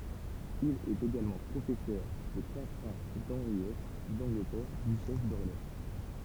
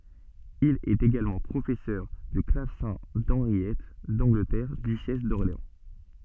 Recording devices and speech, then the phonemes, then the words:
temple vibration pickup, soft in-ear microphone, read sentence
il ɛt eɡalmɑ̃ pʁofɛsœʁ də klavsɛ̃ dɑ̃ʁjɛt dɑ̃ɡlətɛʁ dyʃɛs dɔʁleɑ̃
Il est également professeur de clavecin d’Henriette d'Angleterre, duchesse d'Orléans.

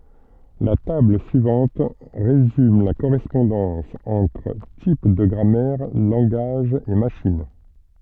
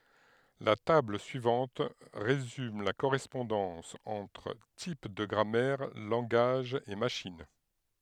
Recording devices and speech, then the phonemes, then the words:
soft in-ear microphone, headset microphone, read sentence
la tabl syivɑ̃t ʁezym la koʁɛspɔ̃dɑ̃s ɑ̃tʁ tip də ɡʁamɛʁ lɑ̃ɡaʒz e maʃin
La table suivante résume la correspondance entre types de grammaire, langages et machines.

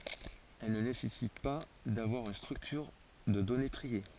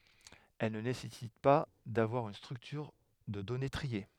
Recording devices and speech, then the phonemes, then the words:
forehead accelerometer, headset microphone, read sentence
ɛl nə nesɛsit pa davwaʁ yn stʁyktyʁ də dɔne tʁie
Elle ne nécessite pas d'avoir une structure de données triée.

